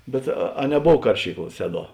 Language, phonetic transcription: Lithuanian, bet a a neˈbov ˈkaršykˌla ˈseˌduo

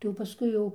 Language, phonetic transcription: Lithuanian, tai jau paˈskui jau

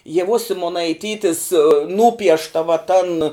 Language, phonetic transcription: Lithuanian, ieˈvos simonaiˈtytis ˈnūpiešta va tan

